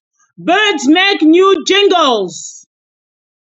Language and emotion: English, surprised